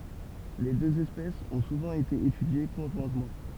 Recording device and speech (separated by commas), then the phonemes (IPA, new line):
temple vibration pickup, read sentence
le døz ɛspɛsz ɔ̃ suvɑ̃ ete etydje kɔ̃ʒwɛ̃tmɑ̃